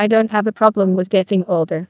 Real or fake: fake